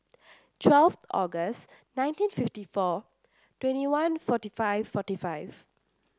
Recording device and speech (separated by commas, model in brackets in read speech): standing microphone (AKG C214), read sentence